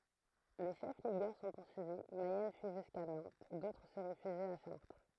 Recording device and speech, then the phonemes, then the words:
throat microphone, read sentence
le ʃɛf liɡœʁ sɔ̃ puʁsyivi mɛjɛn fyi ʒyska nɑ̃t dotʁ sə ʁefyʒit a ʃaʁtʁ
Les chefs ligueurs sont poursuivis, Mayenne fuit jusqu’à Nantes, d’autres se réfugient à Chartres.

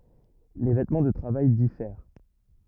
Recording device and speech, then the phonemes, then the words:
rigid in-ear microphone, read sentence
le vɛtmɑ̃ də tʁavaj difɛʁ
Les vêtements de travail diffèrent.

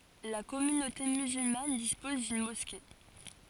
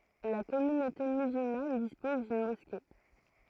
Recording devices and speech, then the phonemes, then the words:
forehead accelerometer, throat microphone, read sentence
la kɔmynote myzylman dispɔz dyn mɔske
La communauté musulmane dispose d'une mosquée.

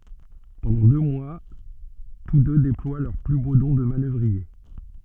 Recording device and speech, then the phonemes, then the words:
soft in-ear microphone, read sentence
pɑ̃dɑ̃ dø mwa tus dø deplwa lœʁ ply bo dɔ̃ də manœvʁie
Pendant deux mois, tous deux déploient leurs plus beaux dons de manœuvriers.

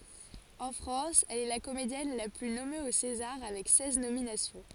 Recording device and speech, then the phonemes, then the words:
forehead accelerometer, read sentence
ɑ̃ fʁɑ̃s ɛl ɛ la komedjɛn la ply nɔme o sezaʁ avɛk sɛz nominasjɔ̃
En France, elle est la comédienne la plus nommée aux Césars avec seize nominations.

